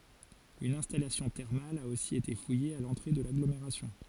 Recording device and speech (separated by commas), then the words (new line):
forehead accelerometer, read sentence
Une installation thermale a aussi été fouillée à l'entrée de l'agglomération.